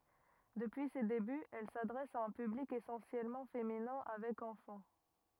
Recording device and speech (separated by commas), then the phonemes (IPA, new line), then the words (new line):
rigid in-ear microphone, read sentence
dəpyi se debyz ɛl sadʁɛs a œ̃ pyblik esɑ̃sjɛlmɑ̃ feminɛ̃ avɛk ɑ̃fɑ̃
Depuis ses débuts, elle s’adresse à un public essentiellement féminin avec enfants.